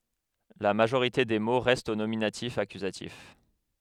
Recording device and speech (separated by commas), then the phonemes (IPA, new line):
headset microphone, read sentence
la maʒoʁite de mo ʁɛstt o nominatifakyzatif